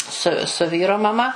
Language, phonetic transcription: Lithuanian, su su ˈvyro maˈma

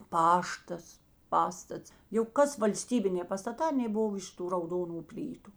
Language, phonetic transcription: Lithuanian, ˈpaštas ˈpastats jau ˈkas valˈstybinė pastaˈtā aˈnė ˈbov ˈiš ˌtų rauˈdonu ˈplytu

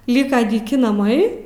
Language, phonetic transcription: Lithuanian, ˈlyka dyˈki naˈmai

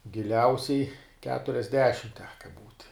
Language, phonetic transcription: Lithuanian, giˈliausiai keturiasˈdešim ˈteka būt'

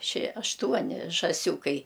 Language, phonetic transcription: Lithuanian, šie ašˈtuoni žąˈsiūkai

